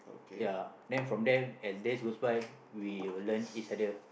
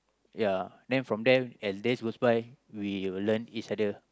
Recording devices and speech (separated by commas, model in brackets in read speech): boundary microphone, close-talking microphone, conversation in the same room